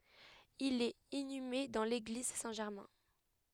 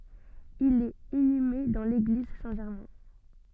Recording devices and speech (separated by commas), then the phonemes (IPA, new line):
headset microphone, soft in-ear microphone, read sentence
il ɛt inyme dɑ̃ leɡliz sɛ̃ ʒɛʁmɛ̃